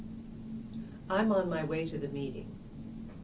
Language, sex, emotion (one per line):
English
female
neutral